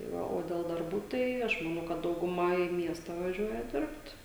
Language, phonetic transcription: Lithuanian, tai ˈva o del darˈbų ˈtai ˈaš maˈnau kad dauguˈma į ˈmiesta vaˈžiuoja ˈdirbt

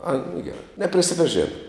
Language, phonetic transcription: Lithuanian, ai nu geˈrai neprisipaˈžėna

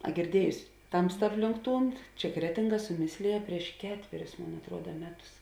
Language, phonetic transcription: Lithuanian, a girˈdiejusi ˈtamsta ˈaplink ˈtūn ˈčia ˈkretinˌga suˈmislėja prieš ˈketverius ˈmon atˈruoda ˈmeˌtus

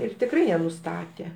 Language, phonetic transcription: Lithuanian, ˈir tikˈrai jie nuˈstatė

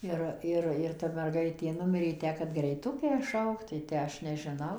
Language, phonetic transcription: Lithuanian, ˈir ˈir ir ˈta merˈgaitė ˈnumirė ˈtę kad greiˈtukę ˈšaukt tai ˈtę ˈaš nežiˈnau

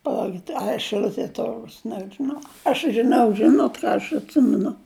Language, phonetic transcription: Lithuanian, paˈlaukit a šɨˈl'utie ˈturgus nežiˈnau aš žiˈnau ˈžinot ˈką aš atˈsimenu

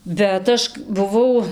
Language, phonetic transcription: Lithuanian, bet ˈaš buˈvau

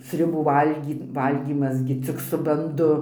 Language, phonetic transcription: Lithuanian, sriuˈbų ˈvalgy ˈvalgymas gi ɘcik su banˈdu

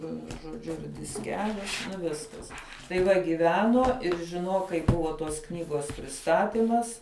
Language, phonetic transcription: Lithuanian, vieˈnu žoˈdžiu ir disˈkeliu nu ˈviskas tai ˈva gyˈvenuo ir žiˈnuok kai ˈbuvo tos ˈknygos priˈstatimas

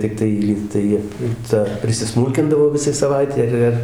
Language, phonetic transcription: Lithuanian, tikˈtai ˈlygtai ˈta prisiˈsmūlkindavo ˈvisai saˈvaitei ir ˈir

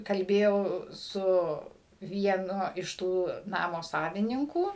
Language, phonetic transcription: Lithuanian, kalˈbėjau ˈsu vieˈnu iš ˈtų ˈnamo ˈsavininkų

